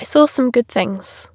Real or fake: real